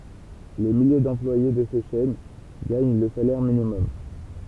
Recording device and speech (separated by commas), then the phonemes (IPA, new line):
temple vibration pickup, read sentence
le milje dɑ̃plwaje də se ʃɛn ɡaɲ lə salɛʁ minimɔm